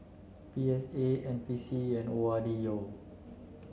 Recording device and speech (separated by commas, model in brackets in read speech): mobile phone (Samsung C9), read sentence